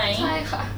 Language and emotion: Thai, sad